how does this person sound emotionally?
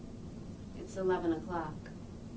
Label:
neutral